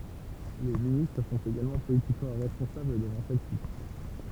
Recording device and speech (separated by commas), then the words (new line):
temple vibration pickup, read sentence
Les ministres sont également politiquement responsables devant celle-ci.